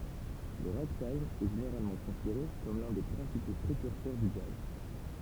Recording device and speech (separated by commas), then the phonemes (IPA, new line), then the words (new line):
temple vibration pickup, read sentence
lə ʁaɡtajm ɛ ʒeneʁalmɑ̃ kɔ̃sideʁe kɔm lœ̃ de pʁɛ̃sipo pʁekyʁsœʁ dy dʒaz
Le ragtime est généralement considéré comme l'un des principaux précurseurs du jazz.